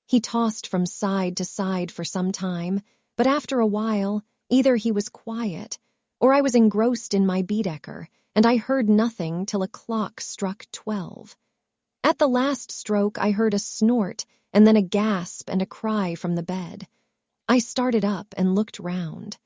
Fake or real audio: fake